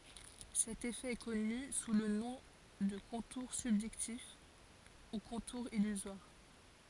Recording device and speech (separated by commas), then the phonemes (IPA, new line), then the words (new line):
forehead accelerometer, read sentence
sɛt efɛ ɛ kɔny su lə nɔ̃ də kɔ̃tuʁ sybʒɛktif u kɔ̃tuʁ ilyzwaʁ
Cet effet est connu sous le nom de contour subjectif ou contour illusoire.